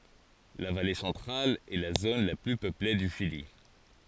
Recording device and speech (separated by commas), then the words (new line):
forehead accelerometer, read sentence
La Vallée Centrale est la zone la plus peuplée du Chili.